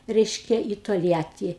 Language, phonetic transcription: Lithuanian, ˈreiškia į tolˈjatį

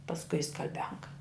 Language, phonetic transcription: Lithuanian, pasˈkui i skal'ˈbianka

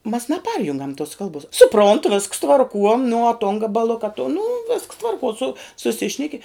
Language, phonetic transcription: Lithuanian, mas naˈparjungam tos ˈkalbos suˈpront visks tvarˈkuo nu uo ton gabaˈluka ton nu visks ˈtvarkuo su suˈsišneki

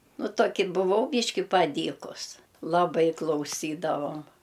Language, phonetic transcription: Lithuanian, ˈnuˈtoki buˈvau ˈbyški paˈdykus laˈbai klauˈsydavom

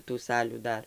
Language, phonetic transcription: Lithuanian, tų ˈsalių ˈdar

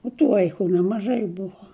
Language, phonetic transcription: Lithuanian, o tu ˈvaiku nemaˈžai ˈbuvo

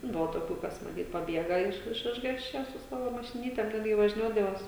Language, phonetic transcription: Lithuanian, ˈbuvo toˈkių ˈkas maˈtyt paˈbiega iš iš ˈišgąsčia su ˈsavo mašiˈnytem ˈtad jie važˈniuodavos

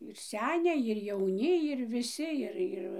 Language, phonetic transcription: Lithuanian, ir ˈseniai ir jauˈni ir viˈsi ˈir ˈir

